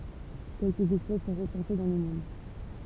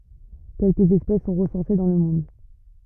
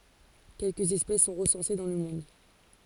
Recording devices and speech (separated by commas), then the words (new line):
temple vibration pickup, rigid in-ear microphone, forehead accelerometer, read sentence
Quelque espèces sont recensées dans le monde.